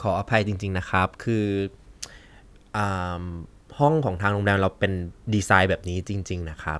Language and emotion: Thai, neutral